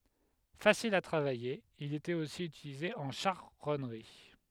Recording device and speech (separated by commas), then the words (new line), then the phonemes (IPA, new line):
headset microphone, read sentence
Facile à travailler, il était aussi utilisé en charronnerie.
fasil a tʁavaje il etɛt osi ytilize ɑ̃ ʃaʁɔnʁi